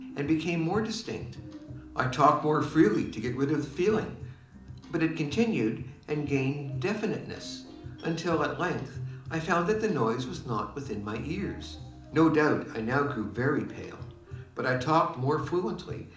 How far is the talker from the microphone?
2.0 m.